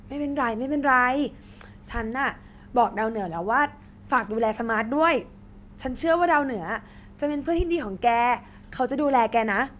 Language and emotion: Thai, happy